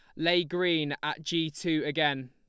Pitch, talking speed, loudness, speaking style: 155 Hz, 170 wpm, -29 LUFS, Lombard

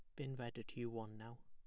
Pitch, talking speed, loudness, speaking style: 120 Hz, 285 wpm, -49 LUFS, plain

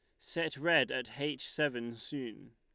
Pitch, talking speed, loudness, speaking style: 140 Hz, 155 wpm, -34 LUFS, Lombard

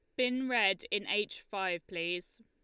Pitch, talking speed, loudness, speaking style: 205 Hz, 160 wpm, -33 LUFS, Lombard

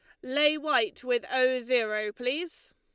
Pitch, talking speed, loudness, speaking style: 255 Hz, 145 wpm, -27 LUFS, Lombard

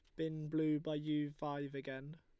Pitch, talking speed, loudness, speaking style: 150 Hz, 180 wpm, -41 LUFS, Lombard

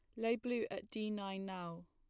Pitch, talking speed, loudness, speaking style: 205 Hz, 215 wpm, -41 LUFS, plain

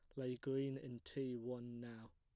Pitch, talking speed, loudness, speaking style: 125 Hz, 185 wpm, -46 LUFS, plain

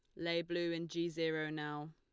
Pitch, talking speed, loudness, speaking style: 165 Hz, 210 wpm, -39 LUFS, Lombard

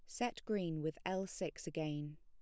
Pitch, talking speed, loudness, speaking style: 165 Hz, 180 wpm, -42 LUFS, plain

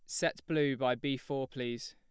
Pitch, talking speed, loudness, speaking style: 135 Hz, 210 wpm, -34 LUFS, plain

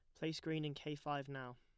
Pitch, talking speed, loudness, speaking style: 150 Hz, 265 wpm, -44 LUFS, plain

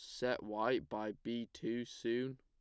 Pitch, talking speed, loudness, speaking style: 115 Hz, 165 wpm, -40 LUFS, plain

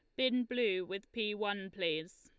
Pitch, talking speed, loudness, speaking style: 200 Hz, 180 wpm, -36 LUFS, Lombard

